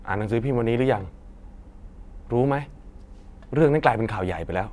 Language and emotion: Thai, frustrated